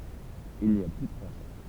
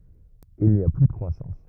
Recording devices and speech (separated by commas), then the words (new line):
temple vibration pickup, rigid in-ear microphone, read sentence
Il n’y a plus de croissance.